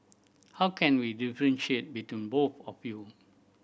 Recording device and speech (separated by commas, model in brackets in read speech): boundary microphone (BM630), read sentence